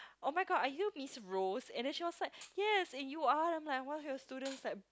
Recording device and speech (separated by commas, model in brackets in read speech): close-talking microphone, conversation in the same room